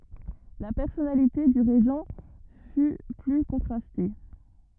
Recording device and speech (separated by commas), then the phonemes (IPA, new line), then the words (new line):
rigid in-ear microphone, read sentence
la pɛʁsɔnalite dy ʁeʒɑ̃ fy ply kɔ̃tʁaste
La personnalité du Régent fut plus contrastée.